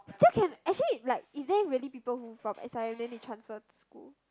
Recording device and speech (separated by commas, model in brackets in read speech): close-talking microphone, conversation in the same room